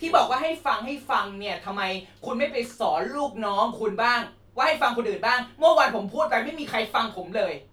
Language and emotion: Thai, angry